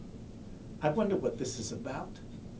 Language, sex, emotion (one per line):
English
male
disgusted